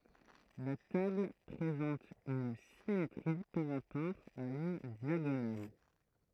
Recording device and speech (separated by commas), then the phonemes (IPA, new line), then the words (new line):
throat microphone, read sentence
la tabl pʁezɑ̃t yn simetʁi paʁ ʁapɔʁ a yn djaɡonal
La table présente une symétrie par rapport à une diagonale.